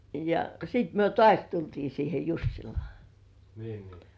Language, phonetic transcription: Finnish, ja sit myö "tŏàś tultii siihe Jussilŏà nii .
- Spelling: ja sitten me taas tultiin siihen Jussilaan niin

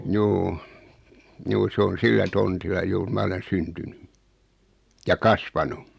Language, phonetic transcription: Finnish, 'juu , 'juu 'sᵉ on "sillä 'tontilla "juur 'ma olen 'syntyny , ja "kasvanu .
- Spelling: juu juu se on sillä tontilla juuri minä olen syntynyt ja kasvanut

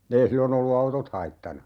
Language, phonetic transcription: Finnish, 'ei 'sillo'n ‿ollu "autot 'haittana .
- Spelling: ei silloin ollut autot haittana

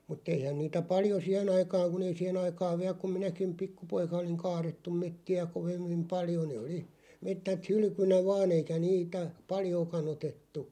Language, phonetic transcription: Finnish, mut̆'t ‿eihän niitä 'paljo "siɛʰᵉn ‿aikaaŋ kun ‿ei 'siɛʰᵉn ‿aikaaᵛ 'viä kum 'minäkim "pikku'poika oliŋ "kaarettum 'metti₍ä 'kovim(mim) 'paljo nee oli , 'mettät "hylʸkynä 'vaa'n ‿eikä 'niitä , "paljooka'n ‿otettu .
- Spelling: mutta eihän niitä paljon siihen aikaan kun ei siihen aikaan vielä kun minäkin pikkupoika olin kaadettu metsiä kovimmin paljon ne oli metsät hylkynä vain eikä niitä paljoakaan otettu

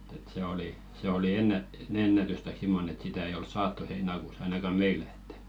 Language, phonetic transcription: Finnish, et̆t ‿et 'se oli , se 'oli "ennät- , s- 'ennätys taik 'simmonᵉ et sitä ei oi "saattu 'heina̳§kuus ‿ainaka 'meilᴀ̈ ᴇttᴀ̈ .
- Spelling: että että se oli se oli - - ennätys tai semmoinen että sitä ei ole saatu heinäkuussa ainakaan meillä että

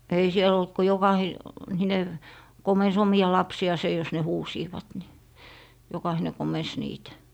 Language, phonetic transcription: Finnish, ei 'siel ‿olt ko 'jokahi- , -hine 'komens 'omi₍a lapsi₍àse jos ne "huusiivat ni , 'jokahine komens 'niitä .
- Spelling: ei siellä ollut kuin - jokainen komensi omia lapsiansa jos ne huusivat niin jokainen komensi niitä

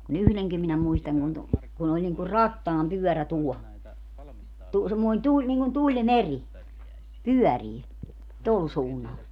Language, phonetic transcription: Finnish, ku'n ‿yhleŋkim minä 'muistaŋ kun tu- , kun ‿oĺ niŋku "rattaampyɔ̈̀rä 'tuɔ , tu- , semmoin 'tuĺ - niŋkun "tuĺmeŕi , 'pyɔ̈̀rii , 'tol suunnal .
- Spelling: kun yhdenkin minä muistan kun - kun oli niin kuin rattaanpyörä tuo - semmoinen tuli niin kuin tulimeri pyörii tuolla suunnalla

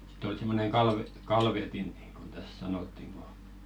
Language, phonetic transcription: Finnish, sɪt ‿ol 'simmoneŋ kalve- , "kalvetin niiŋɢon täs "sanottiŋ ɢo ,.
- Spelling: sitten oli semmoinen - kalvetin niin kuin tässä sanottiin kun

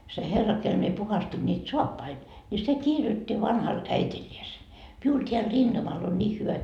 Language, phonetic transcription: Finnish, se 'herra kel mie 'puhastin niit "soappai , ńi se 'kirjotti vanhal "äitiĺĺiese , » miul teäl "rintamal on 'ńiih hyvä .
- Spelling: se herra kenelle minä puhdistin niitä saappaita niin se kirjoitti vanhalle äidilleen minulla täällä rintamalla on niin hyvä

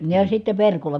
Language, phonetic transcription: Finnish, ja sitte verkolla .
- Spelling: ja sitten verkolla

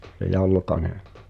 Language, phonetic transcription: Finnish, (s)e 'Jalkane .
- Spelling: se Jalkanen

